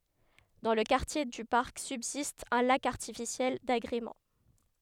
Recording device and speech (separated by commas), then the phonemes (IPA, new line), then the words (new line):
headset microphone, read sentence
dɑ̃ lə kaʁtje dy paʁk sybzist œ̃ lak aʁtifisjɛl daɡʁemɑ̃
Dans le quartier du parc subsiste un lac artificiel d’agrément.